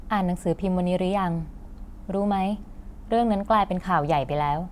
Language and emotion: Thai, neutral